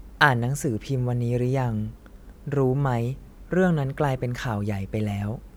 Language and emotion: Thai, neutral